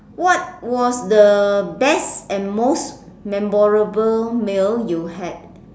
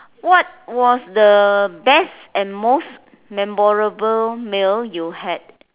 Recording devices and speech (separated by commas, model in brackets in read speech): standing microphone, telephone, conversation in separate rooms